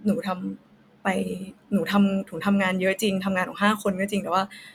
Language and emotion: Thai, sad